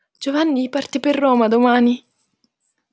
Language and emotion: Italian, fearful